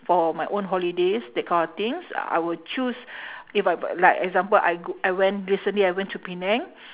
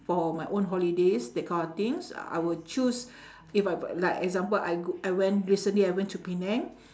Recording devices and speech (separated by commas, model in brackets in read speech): telephone, standing microphone, conversation in separate rooms